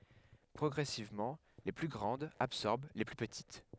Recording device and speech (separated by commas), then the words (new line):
headset microphone, read sentence
Progressivement, les plus grandes absorbèrent les plus petites.